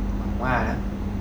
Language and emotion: Thai, frustrated